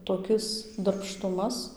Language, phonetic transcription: Lithuanian, toˈkis darbˈštumas

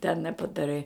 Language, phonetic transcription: Lithuanian, ten nepadaˈrai

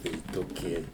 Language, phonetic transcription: Lithuanian, tai toˈkie

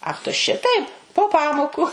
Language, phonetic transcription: Lithuanian, ˈach tu ˈšitaip po ˈpamoku

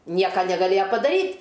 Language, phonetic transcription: Lithuanian, ˈnieka negaˈlėja padaˈryt'

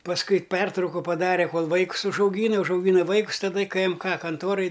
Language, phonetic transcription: Lithuanian, pasˈkui ˈpertrauku paˈdare ˈkol vaikus užauˈgyna užauˈgyna ˈvaikus taˈda i kɘ ˈem ˈka kanˈtoraj

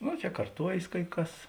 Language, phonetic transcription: Lithuanian, ˈno čia karˈtuojės kai ˈkas

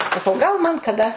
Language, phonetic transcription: Lithuanian, saˈkau gal man kaˈda

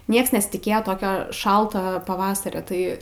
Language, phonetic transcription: Lithuanian, ˈnieks nesitiˈkėjo ˈtokio ˈšalto paˈvasario ˈtai

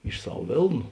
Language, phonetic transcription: Lithuanian, iš ˈsav ˈvėlnu

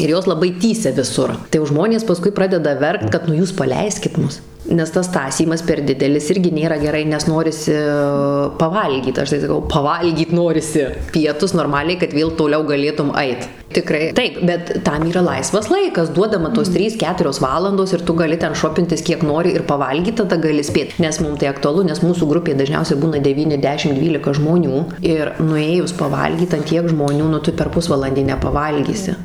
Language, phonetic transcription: Lithuanian, ir ˈjos laˈbai ˈtįsia viˈsur tai jau ˈžmonės paˈskui ˈpradeda ˈverkt ˈkad nu ˈjūs paˈleiskit ˈmus nes tas ˈtąsymas per ˈdidelis ˈirgi ˈnėra ˈgerai nes ˈnorisi paˈvalgyt ˈaš tai saˈkau paˈvalgyt ˈnorisi ˈpietus norˈmaliai kad ˈvėl toˈliau gaˈlėtum ˈait tiˈkrai ˈtaip bet ˈtam yˈra ˈlaisvas ˈlaikas ˈduodama tos ˈtrys ˈketurios ˈvalandos ir ˈtu gaˈli ˈten ˈšopintis ˈkiek ˈnori ir paˈvalgyt taˈda gaˈli ˈspėt nes ˈmum tai aktuaˈlu nes ˈmūsų ˈgrupė daˈžniausiai ˈbūna deˈvyni ˈdešim ˈdvylika žmoˈnių ir nuˈėjus paˈvalgyt an ˈtiek žmoˈnių nu ˈtu per ˈpusvalandį nepaˈvalgysi

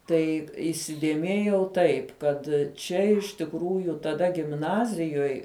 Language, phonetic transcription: Lithuanian, ˈtai įsidėˈmėjau ˈtaip ˈkad ˈčia iš tikˈrųju taˈda gimˈnazijoj

